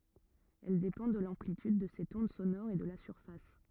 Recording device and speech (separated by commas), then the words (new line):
rigid in-ear microphone, read sentence
Elle dépend de l'amplitude de cette onde sonore et de la surface.